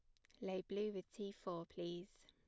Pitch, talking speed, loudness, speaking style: 185 Hz, 200 wpm, -47 LUFS, plain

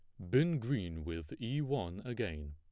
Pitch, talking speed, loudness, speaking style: 105 Hz, 165 wpm, -37 LUFS, plain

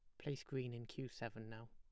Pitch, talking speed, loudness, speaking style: 120 Hz, 240 wpm, -48 LUFS, plain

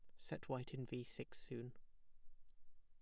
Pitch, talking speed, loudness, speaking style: 125 Hz, 240 wpm, -50 LUFS, plain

